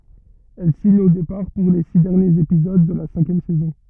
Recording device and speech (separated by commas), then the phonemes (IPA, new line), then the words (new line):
rigid in-ear microphone, read sentence
ɛl siɲ o depaʁ puʁ le si dɛʁnjez epizod də la sɛ̃kjɛm sɛzɔ̃
Elle signe au départ pour les six derniers épisodes de la cinquième saison.